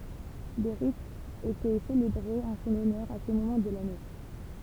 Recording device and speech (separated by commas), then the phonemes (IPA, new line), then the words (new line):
temple vibration pickup, read sentence
de ʁitz etɛ selebʁez ɑ̃ sɔ̃n ɔnœʁ a sə momɑ̃ də lane
Des rites étaient célébrées en son honneur à ce moment de l'année.